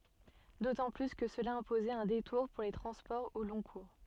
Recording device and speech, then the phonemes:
soft in-ear microphone, read sentence
dotɑ̃ ply kə səla ɛ̃pozɛt œ̃ detuʁ puʁ le tʁɑ̃spɔʁz o lɔ̃ kuʁ

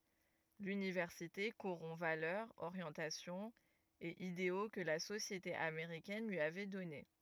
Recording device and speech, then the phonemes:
rigid in-ear microphone, read sentence
lynivɛʁsite koʁɔ̃ valœʁz oʁjɑ̃tasjɔ̃z e ideo kə la sosjete ameʁikɛn lyi avɛ dɔne

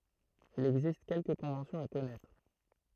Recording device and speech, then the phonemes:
throat microphone, read sentence
il ɛɡzist kɛlkə kɔ̃vɑ̃sjɔ̃z a kɔnɛtʁ

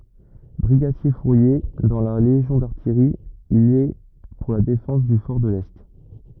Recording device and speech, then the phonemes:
rigid in-ear microphone, read sentence
bʁiɡadjɛʁfuʁje dɑ̃ la leʒjɔ̃ daʁtijʁi il ɛ puʁ la defɑ̃s dy fɔʁ də lɛ

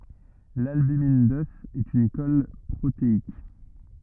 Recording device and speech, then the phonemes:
rigid in-ear microphone, read sentence
lalbymin dœf ɛt yn kɔl pʁoteik

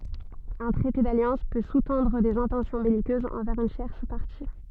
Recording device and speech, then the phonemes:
soft in-ear microphone, read sentence
œ̃ tʁɛte daljɑ̃s pø su tɑ̃dʁ dez ɛ̃tɑ̃sjɔ̃ bɛlikøzz ɑ̃vɛʁz yn tjɛʁs paʁti

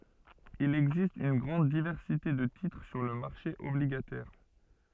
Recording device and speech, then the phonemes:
soft in-ear microphone, read sentence
il ɛɡzist yn ɡʁɑ̃d divɛʁsite də titʁ syʁ lə maʁʃe ɔbliɡatɛʁ

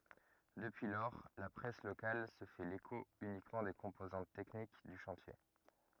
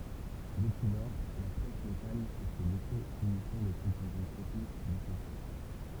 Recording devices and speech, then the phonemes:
rigid in-ear microphone, temple vibration pickup, read sentence
dəpyi lɔʁ la pʁɛs lokal sə fɛ leko ynikmɑ̃ de kɔ̃pozɑ̃t tɛknik dy ʃɑ̃tje

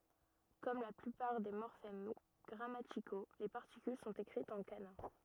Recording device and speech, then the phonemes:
rigid in-ear microphone, read sentence
kɔm la plypaʁ de mɔʁfɛm ɡʁamatiko le paʁtikyl sɔ̃t ekʁitz ɑ̃ kana

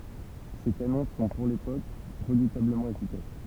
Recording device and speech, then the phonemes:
temple vibration pickup, read sentence
se kanɔ̃ sɔ̃ puʁ lepok ʁədutabləmɑ̃ efikas

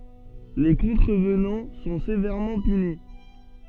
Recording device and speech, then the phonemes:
soft in-ear microphone, read sentence
le kɔ̃tʁəvnɑ̃ sɔ̃ sevɛʁmɑ̃ pyni

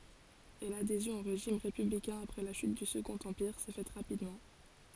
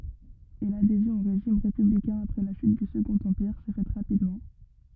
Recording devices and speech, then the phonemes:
forehead accelerometer, rigid in-ear microphone, read sentence
e ladezjɔ̃ o ʁeʒim ʁepyblikɛ̃ apʁɛ la ʃyt dy səɡɔ̃t ɑ̃piʁ sɛ fɛt ʁapidmɑ̃

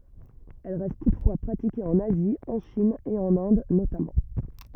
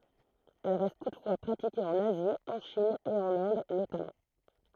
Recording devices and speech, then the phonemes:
rigid in-ear microphone, throat microphone, read sentence
ɛl ʁɛst tutfwa pʁatike ɑ̃n azi ɑ̃ ʃin e ɑ̃n ɛ̃d notamɑ̃

